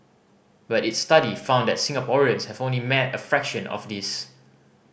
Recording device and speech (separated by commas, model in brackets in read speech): boundary microphone (BM630), read sentence